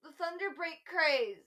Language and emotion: English, sad